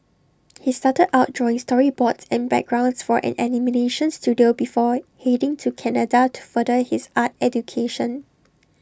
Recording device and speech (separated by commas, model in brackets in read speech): standing microphone (AKG C214), read sentence